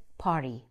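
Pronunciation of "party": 'party' is said with an American accent.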